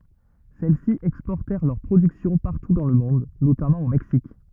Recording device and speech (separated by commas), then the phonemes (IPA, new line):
rigid in-ear microphone, read sentence
sɛlɛsi ɛkspɔʁtɛʁ lœʁ pʁodyksjɔ̃ paʁtu dɑ̃ lə mɔ̃d notamɑ̃ o mɛksik